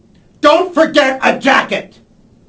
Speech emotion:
angry